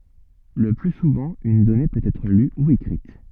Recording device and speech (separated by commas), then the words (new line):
soft in-ear microphone, read sentence
Le plus souvent, une donnée peut être lue ou écrite.